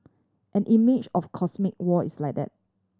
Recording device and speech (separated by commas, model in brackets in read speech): standing microphone (AKG C214), read sentence